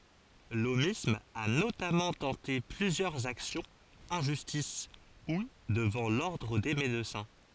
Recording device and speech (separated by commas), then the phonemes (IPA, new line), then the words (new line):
forehead accelerometer, read sentence
lomism a notamɑ̃ tɑ̃te plyzjœʁz aksjɔ̃z ɑ̃ ʒystis u dəvɑ̃ lɔʁdʁ de medəsɛ̃
L'aumisme a notamment tenté plusieurs actions en justice ou devant l'Ordre des médecins.